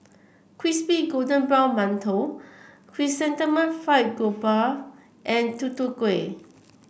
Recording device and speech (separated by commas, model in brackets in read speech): boundary microphone (BM630), read sentence